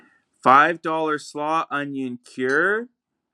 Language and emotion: English, surprised